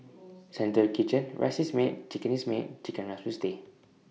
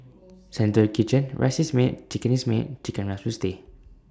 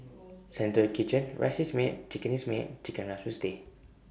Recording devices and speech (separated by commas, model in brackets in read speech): mobile phone (iPhone 6), standing microphone (AKG C214), boundary microphone (BM630), read sentence